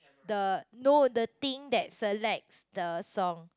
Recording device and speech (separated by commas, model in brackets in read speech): close-talking microphone, conversation in the same room